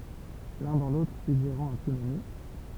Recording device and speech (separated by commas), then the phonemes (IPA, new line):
temple vibration pickup, read sentence
lœ̃ dɑ̃ lotʁ syɡʒeʁɑ̃ œ̃ tsynami